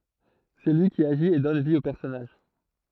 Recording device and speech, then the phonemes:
throat microphone, read sentence
sɛ lyi ki aʒit e dɔn vi o pɛʁsɔnaʒ

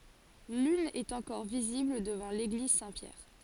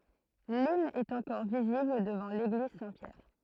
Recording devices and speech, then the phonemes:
forehead accelerometer, throat microphone, read sentence
lyn ɛt ɑ̃kɔʁ vizibl dəvɑ̃ leɡliz sɛ̃tpjɛʁ

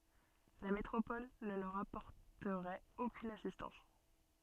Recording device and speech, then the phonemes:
soft in-ear microphone, read sentence
la metʁopɔl nə lœʁ apɔʁtəʁɛt okyn asistɑ̃s

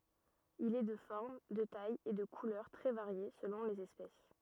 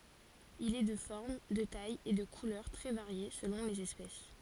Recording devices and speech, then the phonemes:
rigid in-ear microphone, forehead accelerometer, read sentence
il ɛ də fɔʁm də taj e də kulœʁ tʁɛ vaʁje səlɔ̃ lez ɛspɛs

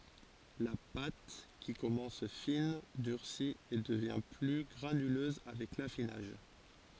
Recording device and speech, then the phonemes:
forehead accelerometer, read sentence
la pat ki kɔmɑ̃s fin dyʁsi e dəvjɛ̃ ply ɡʁanyløz avɛk lafinaʒ

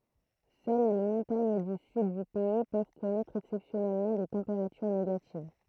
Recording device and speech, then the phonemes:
throat microphone, read sentence
sœl le mɔ̃taɲ dy syd dy pɛi pøv kɔnɛtʁ ɛksɛpsjɔnɛlmɑ̃ de tɑ̃peʁatyʁ neɡativ

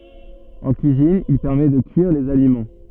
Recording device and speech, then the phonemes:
soft in-ear microphone, read sentence
ɑ̃ kyizin il pɛʁmɛ də kyiʁ dez alimɑ̃

